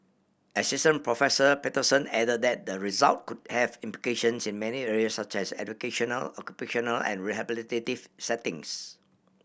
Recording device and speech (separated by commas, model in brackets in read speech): boundary microphone (BM630), read sentence